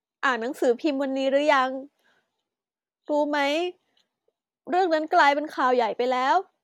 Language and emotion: Thai, sad